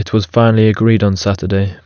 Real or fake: real